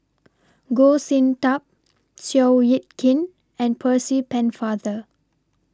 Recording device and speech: standing microphone (AKG C214), read sentence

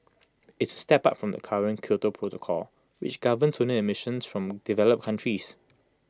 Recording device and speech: close-talking microphone (WH20), read sentence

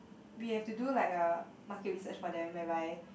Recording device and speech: boundary microphone, conversation in the same room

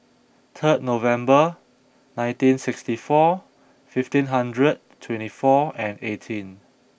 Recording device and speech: boundary microphone (BM630), read sentence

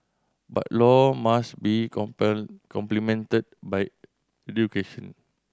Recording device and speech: standing microphone (AKG C214), read sentence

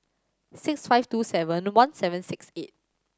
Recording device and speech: standing microphone (AKG C214), read sentence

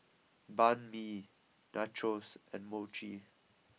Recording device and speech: mobile phone (iPhone 6), read sentence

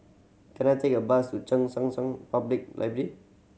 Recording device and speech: mobile phone (Samsung C7100), read sentence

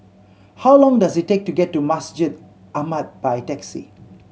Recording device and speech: mobile phone (Samsung C7100), read sentence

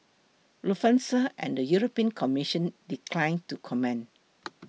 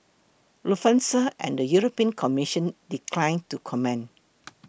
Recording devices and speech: mobile phone (iPhone 6), boundary microphone (BM630), read sentence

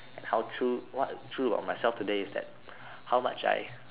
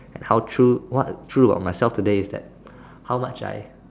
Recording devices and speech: telephone, standing microphone, conversation in separate rooms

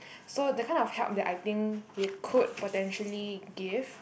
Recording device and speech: boundary microphone, conversation in the same room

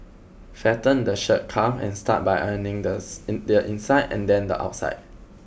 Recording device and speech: boundary microphone (BM630), read sentence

